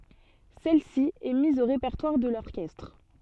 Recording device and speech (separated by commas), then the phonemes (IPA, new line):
soft in-ear microphone, read sentence
sɛl si ɛ miz o ʁepɛʁtwaʁ də lɔʁkɛstʁ